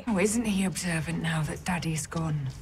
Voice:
deep voice